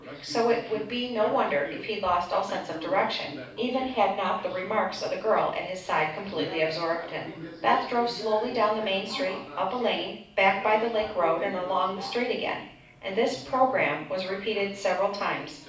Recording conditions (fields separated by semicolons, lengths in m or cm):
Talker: one person; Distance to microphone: 5.8 m; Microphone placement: far; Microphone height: 1.8 m; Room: medium-sized (5.7 m by 4.0 m); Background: television